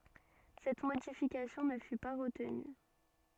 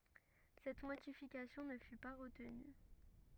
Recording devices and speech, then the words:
soft in-ear microphone, rigid in-ear microphone, read sentence
Cette modification ne fut pas retenue.

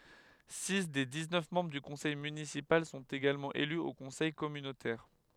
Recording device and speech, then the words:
headset microphone, read sentence
Six des dix-neuf membres du conseil municipal sont également élus au conseil communautaire.

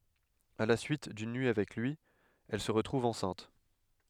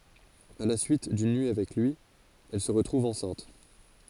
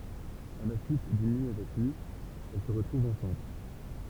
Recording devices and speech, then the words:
headset microphone, forehead accelerometer, temple vibration pickup, read sentence
À la suite d'une nuit avec lui, elle se retrouve enceinte.

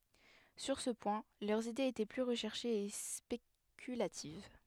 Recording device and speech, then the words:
headset microphone, read sentence
Sur ce point, leurs idées étaient plus recherchées et spéculatives.

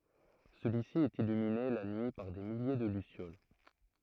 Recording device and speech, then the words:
throat microphone, read sentence
Celui-ci est illuminé la nuit par des milliers de lucioles.

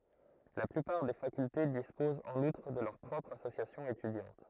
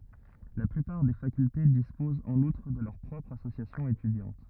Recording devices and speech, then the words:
throat microphone, rigid in-ear microphone, read sentence
La plupart des facultés disposent en outre de leurs propres associations étudiantes.

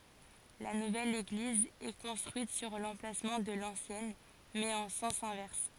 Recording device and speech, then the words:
forehead accelerometer, read sentence
La nouvelle église est construite sur l'emplacement de l'ancienne, mais en sens inverse.

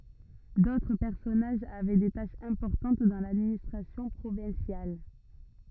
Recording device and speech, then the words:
rigid in-ear microphone, read sentence
D'autres personnages avaient des tâches importantes dans l'administration provinciale.

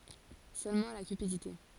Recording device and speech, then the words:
forehead accelerometer, read sentence
Seulement la cupidité.

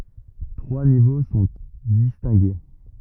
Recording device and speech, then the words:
rigid in-ear microphone, read sentence
Trois niveaux sont distingués.

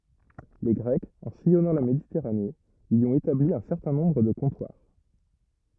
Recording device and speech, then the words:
rigid in-ear microphone, read sentence
Les Grecs, en sillonnant la Méditerranée, y ont établi un certain nombre de comptoirs.

